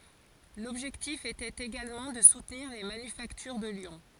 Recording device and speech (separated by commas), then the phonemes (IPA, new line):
forehead accelerometer, read sentence
lɔbʒɛktif etɛt eɡalmɑ̃ də sutniʁ le manyfaktyʁ də ljɔ̃